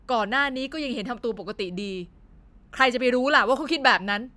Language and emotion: Thai, angry